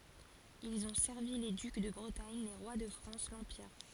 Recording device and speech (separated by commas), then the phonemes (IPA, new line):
forehead accelerometer, read sentence
ilz ɔ̃ sɛʁvi le dyk də bʁətaɲ le ʁwa də fʁɑ̃s lɑ̃piʁ